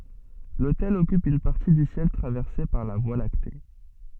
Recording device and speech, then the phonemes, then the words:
soft in-ear microphone, read sentence
lotɛl ɔkyp yn paʁti dy sjɛl tʁavɛʁse paʁ la vwa lakte
L'Autel occupe une partie du ciel traversée par la Voie lactée.

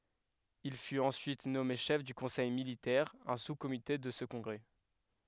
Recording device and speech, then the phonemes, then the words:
headset microphone, read sentence
il fyt ɑ̃syit nɔme ʃɛf dy kɔ̃sɛj militɛʁ œ̃ suskomite də sə kɔ̃ɡʁɛ
Il fut ensuite nommé chef du conseil militaire, un sous-comité de ce congrès.

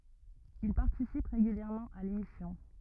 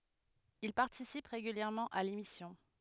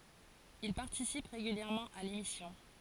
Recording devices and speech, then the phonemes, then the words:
rigid in-ear microphone, headset microphone, forehead accelerometer, read sentence
il paʁtisip ʁeɡyljɛʁmɑ̃ a lemisjɔ̃
Il participe régulièrement à l’émission.

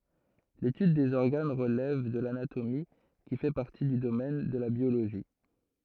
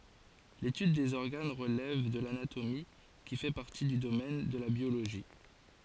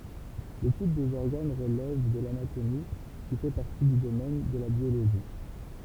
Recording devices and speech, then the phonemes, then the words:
throat microphone, forehead accelerometer, temple vibration pickup, read sentence
letyd dez ɔʁɡan ʁəlɛv də lanatomi ki fɛ paʁti dy domɛn də la bjoloʒi
L'étude des organes relève de l'anatomie, qui fait partie du domaine de la biologie.

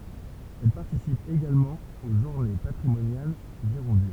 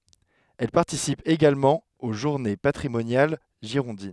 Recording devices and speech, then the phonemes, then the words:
temple vibration pickup, headset microphone, read sentence
ɛl paʁtisip eɡalmɑ̃ o ʒuʁne patʁimonjal ʒiʁɔ̃din
Elle participe également aux journées patrimoniales girondines.

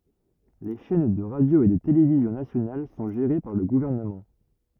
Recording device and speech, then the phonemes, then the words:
rigid in-ear microphone, read sentence
le ʃɛn də ʁadjo e də televizjɔ̃ nasjonal sɔ̃ ʒeʁe paʁ lə ɡuvɛʁnəmɑ̃
Les chaînes de radio et de télévision nationales sont gérées par le gouvernement.

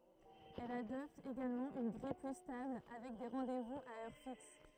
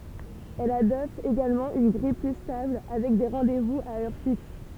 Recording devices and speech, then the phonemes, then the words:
throat microphone, temple vibration pickup, read sentence
ɛl adɔpt eɡalmɑ̃ yn ɡʁij ply stabl avɛk de ʁɑ̃dɛzvuz a œʁ fiks
Elle adopte également une grille plus stable, avec des rendez-vous à heure fixe.

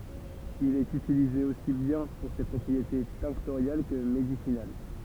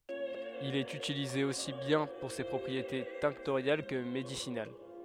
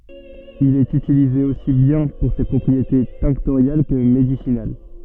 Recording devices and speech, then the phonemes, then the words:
temple vibration pickup, headset microphone, soft in-ear microphone, read sentence
il ɛt ytilize osi bjɛ̃ puʁ se pʁɔpʁiete tɛ̃ktoʁjal kə medisinal
Il est utilisé aussi bien pour ses propriétés tinctoriales que médicinales.

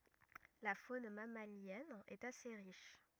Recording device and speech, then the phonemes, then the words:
rigid in-ear microphone, read sentence
la fon mamaljɛn ɛt ase ʁiʃ
La faune mammalienne est assez riche.

